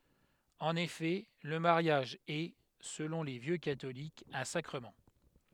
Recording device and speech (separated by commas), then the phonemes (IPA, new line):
headset microphone, read sentence
ɑ̃n efɛ lə maʁjaʒ ɛ səlɔ̃ le vjø katolikz œ̃ sakʁəmɑ̃